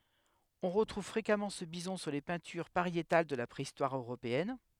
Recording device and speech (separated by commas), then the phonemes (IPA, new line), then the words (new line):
headset microphone, read sentence
ɔ̃ ʁətʁuv fʁekamɑ̃ sə bizɔ̃ syʁ le pɛ̃tyʁ paʁjetal də la pʁeistwaʁ øʁopeɛn
On retrouve fréquemment ce bison sur les peintures pariétales de la Préhistoire européenne.